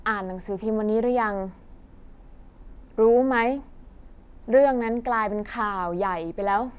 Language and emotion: Thai, frustrated